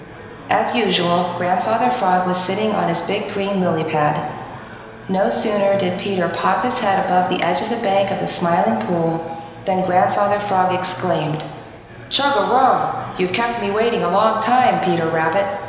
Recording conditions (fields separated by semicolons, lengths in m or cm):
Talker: one person; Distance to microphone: 1.7 m; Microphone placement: close; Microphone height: 1.0 m; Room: very reverberant, large; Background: babble